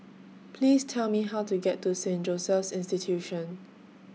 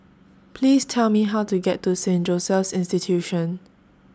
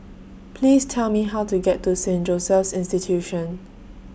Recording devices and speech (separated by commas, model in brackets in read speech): mobile phone (iPhone 6), standing microphone (AKG C214), boundary microphone (BM630), read sentence